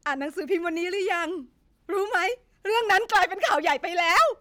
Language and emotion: Thai, happy